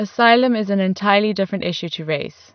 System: none